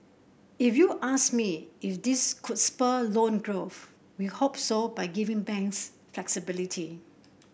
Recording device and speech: boundary microphone (BM630), read sentence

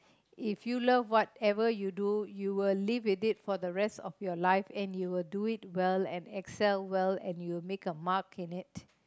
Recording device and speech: close-talking microphone, conversation in the same room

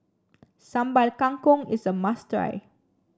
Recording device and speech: standing microphone (AKG C214), read sentence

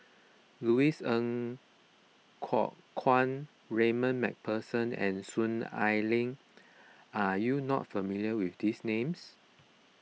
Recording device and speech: mobile phone (iPhone 6), read sentence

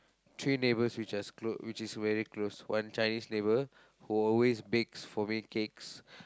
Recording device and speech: close-talking microphone, conversation in the same room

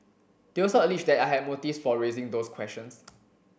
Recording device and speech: boundary microphone (BM630), read sentence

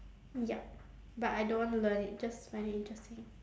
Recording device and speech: standing microphone, conversation in separate rooms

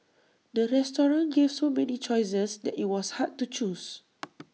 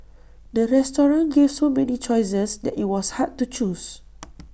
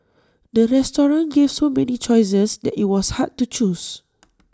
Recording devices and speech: mobile phone (iPhone 6), boundary microphone (BM630), standing microphone (AKG C214), read sentence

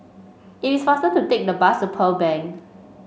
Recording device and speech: mobile phone (Samsung C5), read sentence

